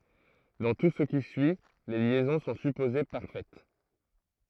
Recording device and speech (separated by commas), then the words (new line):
throat microphone, read sentence
Dans tout ce qui suit, les liaisons sont supposées parfaites.